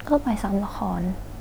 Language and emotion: Thai, frustrated